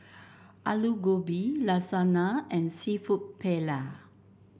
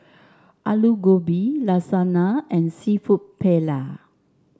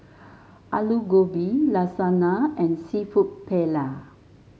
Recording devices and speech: boundary microphone (BM630), standing microphone (AKG C214), mobile phone (Samsung S8), read sentence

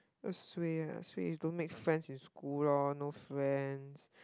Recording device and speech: close-talking microphone, conversation in the same room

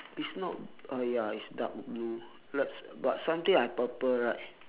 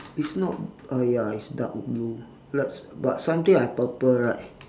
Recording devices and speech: telephone, standing microphone, conversation in separate rooms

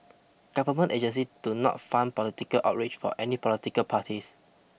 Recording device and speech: boundary microphone (BM630), read sentence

